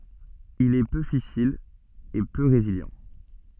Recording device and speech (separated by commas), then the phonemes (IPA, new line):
soft in-ear microphone, read sentence
il ɛ pø fisil e pø ʁezili